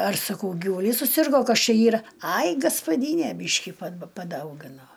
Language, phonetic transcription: Lithuanian, ar saˈkau givuˈlys suˈsirgo ˈkas ˈčia ˈyra ˈai gaspaˈdynė ˈbyški pa paˈdaugino

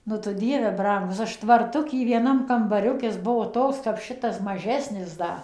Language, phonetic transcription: Lithuanian, nu tu ˈdieve ˈbrangus ˈaš tvarˈtuky vieˈnam kambaˈriukis ˈbuo ˈtoks kap ˈšitas maˈžesnis ˈda

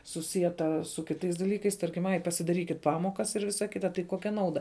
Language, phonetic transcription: Lithuanian, suˈsieta su kiˈtais daˈlykais ˈtarkim ˈai pasidaˈrykit ˈpamokas ir ˈvisa ˈkita tai ˈkokia ˈnauda

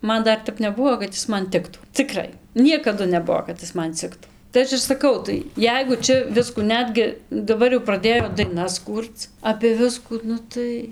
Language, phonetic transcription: Lithuanian, ˈman ˈdar ˈtep neˈbuvo kad ˈis ˈman ˈtiktų ciˈkrai ˈniekadu neˈbuo kad ˈis man ˈciktų tai ˈaš ir saˈkau tai ˈjeigu ˈčia ˈviskų ˈnetgi daˈbar jau praˈdėjo daiˈnas ˈkūrc apė ˈviskų ˈnu tai

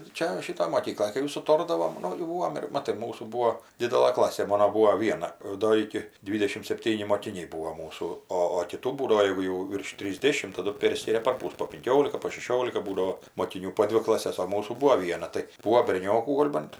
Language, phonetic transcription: Lithuanian, ˈčia ˈšitoj moˈkykloj kai jau suˈtordavom ˈnu jau ˈbūvom ir ˈmatai ˈmūsų ˈbūo ˈdidelɘ ˈklasė ˈmano ˈbūo ˈviena ˈdo iki ˈdvydešim sepˈtyni mokiˈniai ˈbūo ˈmūsų ˈo o kiˈtų ˈbūdavo ˈjeigu jau virš trisˈdėšim taˈdu ˈpėrskiria parˈpus po pinˈkiolika po šeˈšiolika ˈbūdao moˈkinių po ˈdvi klaˈses o ˈmūsų ˈbuo ˈviena tai ˈbūo berˈniokų ˈgol' bant

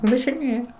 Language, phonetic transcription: Lithuanian, važiˈnėja

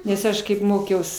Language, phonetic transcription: Lithuanian, nes ˈaš kaip ˈmokiaus

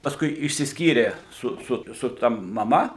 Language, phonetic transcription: Lithuanian, pasˈkui išsisˈkyrė ˈsu ˈsu su ˈta maˈma

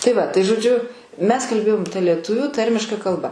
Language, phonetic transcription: Lithuanian, tai ˈva tai žoˈdžiu ˈmes kalˈbėjom ta lieˈtuvių ˈtarmiška kalˈba

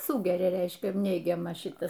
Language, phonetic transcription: Lithuanian, ˈsūgeria ˈreiškia ˈneigiamą ˈšitas

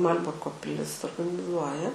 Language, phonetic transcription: Lithuanian, maˈl'burko piˈlis organiˈzuoja

